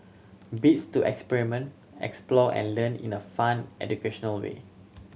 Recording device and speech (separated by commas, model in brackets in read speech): mobile phone (Samsung C7100), read sentence